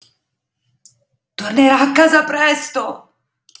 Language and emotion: Italian, fearful